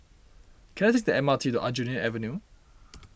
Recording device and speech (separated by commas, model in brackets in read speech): boundary microphone (BM630), read sentence